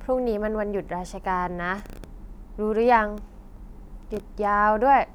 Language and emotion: Thai, frustrated